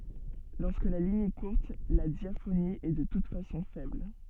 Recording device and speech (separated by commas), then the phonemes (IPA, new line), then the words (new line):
soft in-ear microphone, read sentence
lɔʁskə la liɲ ɛ kuʁt la djafoni ɛ də tut fasɔ̃ fɛbl
Lorsque la ligne est courte, la diaphonie est de toute façon faible.